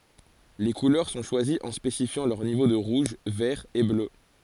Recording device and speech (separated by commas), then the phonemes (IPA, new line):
forehead accelerometer, read sentence
le kulœʁ sɔ̃ ʃwaziz ɑ̃ spesifjɑ̃ lœʁ nivo də ʁuʒ vɛʁ e blø